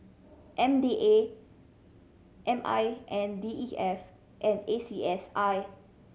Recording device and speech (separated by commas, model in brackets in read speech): mobile phone (Samsung C7100), read sentence